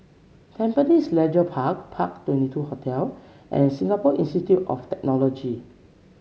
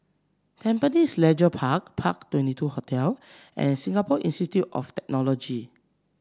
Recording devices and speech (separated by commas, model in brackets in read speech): mobile phone (Samsung C7), standing microphone (AKG C214), read sentence